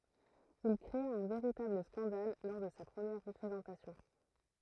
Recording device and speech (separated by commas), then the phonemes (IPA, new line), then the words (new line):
throat microphone, read sentence
il kʁea œ̃ veʁitabl skɑ̃dal lɔʁ də sa pʁəmjɛʁ ʁəpʁezɑ̃tasjɔ̃
Il créa un véritable scandale lors de sa première représentation.